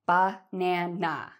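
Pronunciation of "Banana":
'Banana' is said in an annoyed or angry tone.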